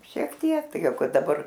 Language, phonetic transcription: Lithuanian, šiek ˈtiek ˈtai ˈjau ˈkad daˈbar

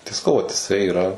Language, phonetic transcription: Lithuanian, tai saˈkau vat iˈsai iˈra

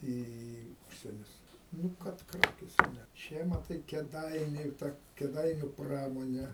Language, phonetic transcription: Lithuanian, ˈį į ˈužsienius ˈnu ˈkad ˈkrakėse ˈne ˈčia maˈtai kėˈdainiu ta kėˈdainiu ˈpramone

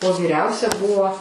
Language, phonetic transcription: Lithuanian, o vyˈriausia ˈbuvo

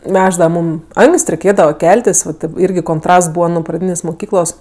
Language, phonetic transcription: Lithuanian, ˈnešdava ˈmūm ˈanks't' reiˈkėdava ˈkeltis va taip ˈirgi konˈtrasts ˈbūva nuo praˈdynės' muˈkyklos

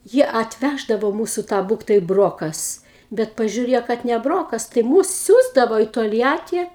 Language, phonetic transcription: Lithuanian, ˈjie atˈvæždavo ˈmūsu ˈtą ˈbūktai ˈbrokas ˈbet pažiūˈriejo kad ne ˈbrokas tai ˈmūs ˈsiųsdavo į tolˈjatį

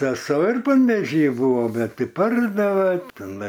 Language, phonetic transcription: Lithuanian, seˈso ir panvėˈžy ˈbūvo ˈbet ˈtai ˈpardave teˈnai

